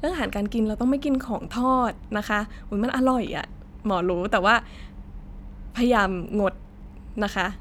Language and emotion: Thai, happy